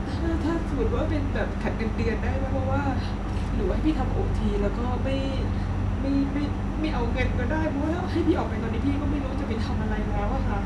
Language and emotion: Thai, sad